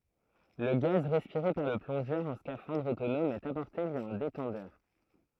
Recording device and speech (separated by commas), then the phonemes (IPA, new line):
throat microphone, read sentence
lə ɡaz ʁɛspiʁe paʁ lə plɔ̃ʒœʁ ɑ̃ skafɑ̃dʁ otonɔm ɛt apɔʁte vja œ̃ detɑ̃dœʁ